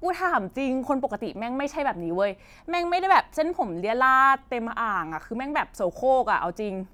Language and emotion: Thai, frustrated